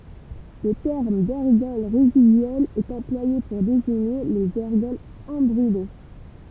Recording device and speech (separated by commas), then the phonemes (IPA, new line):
temple vibration pickup, read sentence
lə tɛʁm dɛʁɡɔl ʁezidyɛlz ɛt ɑ̃plwaje puʁ deziɲe lez ɛʁɡɔlz ɛ̃bʁyle